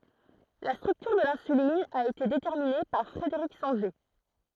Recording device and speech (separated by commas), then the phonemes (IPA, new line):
throat microphone, read sentence
la stʁyktyʁ də lɛ̃sylin a ete detɛʁmine paʁ fʁədəʁik sɑ̃ʒe